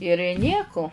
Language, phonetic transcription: Lithuanian, ir ˈnieku

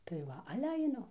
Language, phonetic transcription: Lithuanian, tai ˈva ˈale aiˈnu

